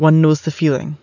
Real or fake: real